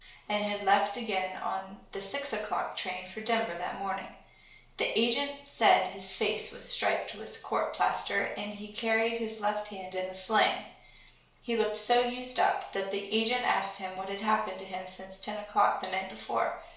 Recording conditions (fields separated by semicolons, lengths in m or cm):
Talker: one person; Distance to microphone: 1.0 m; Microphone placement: close; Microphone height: 1.1 m; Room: small (3.7 m by 2.7 m); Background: none